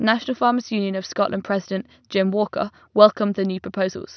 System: none